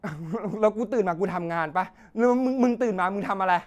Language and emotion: Thai, angry